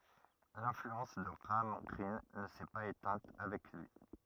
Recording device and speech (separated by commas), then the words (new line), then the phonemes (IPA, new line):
rigid in-ear microphone, read sentence
L'influence de Graham Greene ne s'est pas éteinte avec lui.
lɛ̃flyɑ̃s də ɡʁaam ɡʁin nə sɛ paz etɛ̃t avɛk lyi